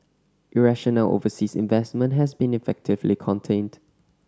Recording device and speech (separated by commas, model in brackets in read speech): standing microphone (AKG C214), read sentence